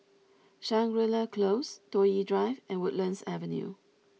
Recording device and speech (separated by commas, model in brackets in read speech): mobile phone (iPhone 6), read sentence